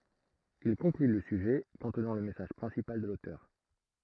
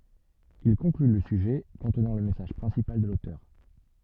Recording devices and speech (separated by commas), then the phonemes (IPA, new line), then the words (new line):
throat microphone, soft in-ear microphone, read sentence
il kɔ̃kly lə syʒɛ kɔ̃tnɑ̃ lə mɛsaʒ pʁɛ̃sipal də lotœʁ
Il conclut le sujet, contenant le message principal de l'auteur.